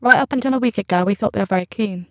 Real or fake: fake